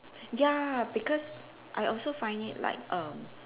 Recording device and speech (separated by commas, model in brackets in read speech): telephone, conversation in separate rooms